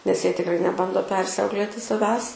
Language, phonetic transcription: Lithuanian, nes ˈjie tikˈrai neˈbando ˈpersiauklėti saˈvęs

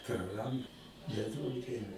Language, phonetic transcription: Lithuanian, praˈrand neˈduok ˈdieve

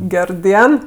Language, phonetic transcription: Lithuanian, ˈger ˈdien

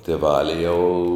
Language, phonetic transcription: Lithuanian, tėˈvali jau

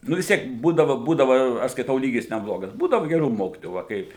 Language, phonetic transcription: Lithuanian, ˈnu vis ˈtiek ˈbūdava ˈbūdava aš skaiˈtau ˈlygis neˈblogas ˈbūdava geˈrų ˈmokitojų va ˈkaip

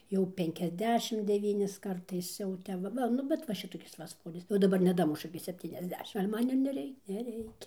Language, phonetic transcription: Lithuanian, jau ˌpenkiasˈdešim deˈvynis ˈkartais jau ˈtep va ˈva ˈnu bet va ˈšitokis va ˈsvoris jau daˈbar neˈdamušu iki sepˌtyniasˈdešim gal' ˈman ir neˈrei neˈreikia

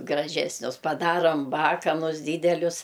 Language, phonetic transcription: Lithuanian, graˈžesnius paˈdarom ˈbakanus ˈdydelius

